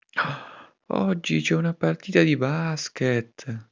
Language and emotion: Italian, surprised